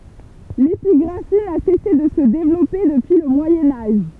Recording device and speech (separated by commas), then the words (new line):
temple vibration pickup, read sentence
L’épigraphie n’a cessé de se développer depuis le Moyen Âge.